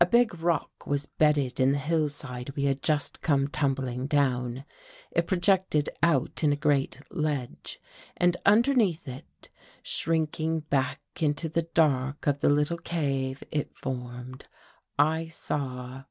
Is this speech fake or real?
real